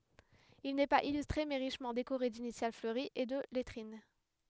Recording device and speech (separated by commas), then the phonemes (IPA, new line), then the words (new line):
headset microphone, read sentence
il nɛ paz ilystʁe mɛ ʁiʃmɑ̃ dekoʁe dinisjal fløʁiz e də lɛtʁin
Il n'est pas illustré, mais richement décoré d'initiales fleuries et de lettrines.